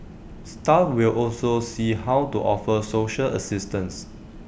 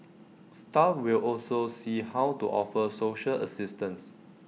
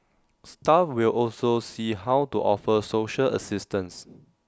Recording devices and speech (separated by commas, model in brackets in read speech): boundary microphone (BM630), mobile phone (iPhone 6), standing microphone (AKG C214), read sentence